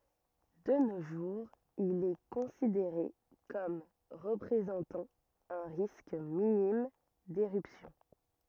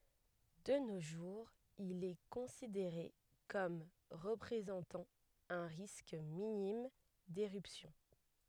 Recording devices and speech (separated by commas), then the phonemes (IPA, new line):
rigid in-ear microphone, headset microphone, read sentence
də no ʒuʁz il ɛ kɔ̃sideʁe kɔm ʁəpʁezɑ̃tɑ̃ œ̃ ʁisk minim deʁypsjɔ̃